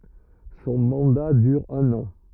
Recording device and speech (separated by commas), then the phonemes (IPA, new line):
rigid in-ear microphone, read sentence
sɔ̃ mɑ̃da dyʁ œ̃n ɑ̃